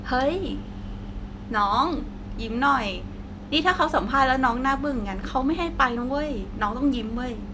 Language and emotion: Thai, happy